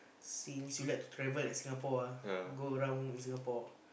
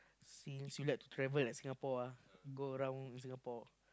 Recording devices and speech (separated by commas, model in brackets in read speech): boundary microphone, close-talking microphone, conversation in the same room